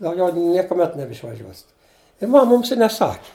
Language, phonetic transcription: Lithuanian, dauˈgiau niekuˈmet nebeišvaˈžiuosit i ˈmam ˈmums i neˈsaki

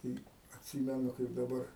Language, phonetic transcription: Lithuanian, tai atˈsymenu kaip daˈbar

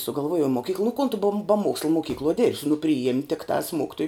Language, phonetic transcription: Lithuanian, sugalˈvuojau moˈkykla nu kon tu ba ba ˈmuoksla moˈkykloj ˈdėrbsi nu priˈjėm' tikˈtās ˈmokitoju

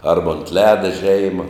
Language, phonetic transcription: Lithuanian, ˈarba unt ˈleda ˈžeima

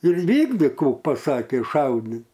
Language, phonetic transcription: Lithuanian, ir ˈvykdik ˈkų paˈsakė ˈšaudit

